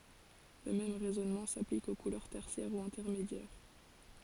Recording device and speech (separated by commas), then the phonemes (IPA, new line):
forehead accelerometer, read sentence
lə mɛm ʁɛzɔnmɑ̃ saplik o kulœʁ tɛʁsjɛʁ u ɛ̃tɛʁmedjɛʁ